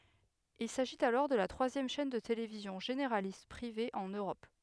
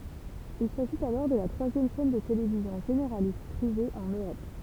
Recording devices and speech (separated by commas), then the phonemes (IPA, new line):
headset microphone, temple vibration pickup, read sentence
il saʒit alɔʁ də la tʁwazjɛm ʃɛn də televizjɔ̃ ʒeneʁalist pʁive ɑ̃n øʁɔp